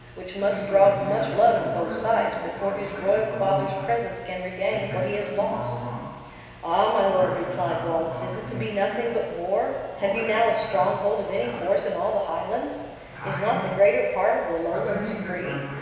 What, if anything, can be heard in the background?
A television.